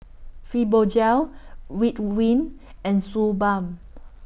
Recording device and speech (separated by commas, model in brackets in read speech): boundary microphone (BM630), read sentence